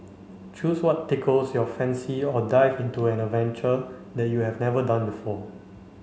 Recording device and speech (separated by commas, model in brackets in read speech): mobile phone (Samsung C5), read sentence